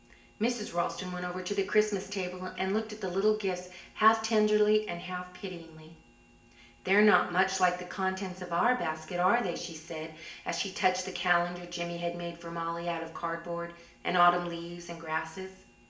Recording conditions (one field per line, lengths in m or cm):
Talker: one person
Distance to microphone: 1.8 m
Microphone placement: close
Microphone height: 1.0 m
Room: large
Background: none